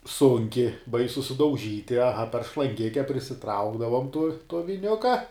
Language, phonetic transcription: Lithuanian, ˈsunki ˈbaisu sudauˈžyti aˈha per šlanˈgike prisiˈtraukdavum tu tuo viˈniuka

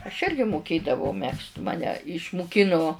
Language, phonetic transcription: Lithuanian, aš ˈirgi muˈkėdavau ˈmegzt ˈmane išmuˈkinu

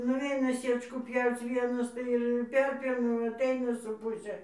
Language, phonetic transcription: Lithuanian, nuˈveina ˈsiečkų ˈpjauc ˈvienas ˈtai ir ir ˈperpjauna aˈtaina su ˈpuse

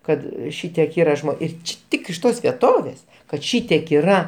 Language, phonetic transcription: Lithuanian, ˈkad ˈšitiek ˈyra ˈir ˈči ˈtik iš ˈtos vieˈtovės kad ˈšytiek yˈra

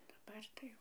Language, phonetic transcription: Lithuanian, daˈbar tai ˈjau

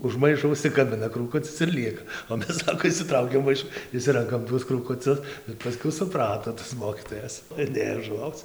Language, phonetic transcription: Lithuanian, už ˈmaišo užsikaˈbina krūˈkucis ir ˈlieka o ˈmes ˈsako išsiˈtraukiam ˈmaišu išˈsirankam ˈtuos krūkuˈcius ir paˈskiau suˈprato tas ˈmokytojas ir ˈnėjo žuˈvauc

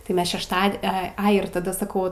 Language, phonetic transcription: Lithuanian, tai ˈmes šešˈtad ˈe ˈai ir taˈda saˈkau

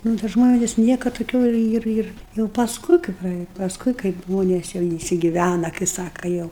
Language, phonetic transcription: Lithuanian, ˈnu ta ˈžmonės ˈniekad toˈkių ˈir ˈir ˈir jau pasˈkui kai praˈėja pasˈkui kaip ˈžmonės jau insigiˈvæna kai ˈsaka ˈjau

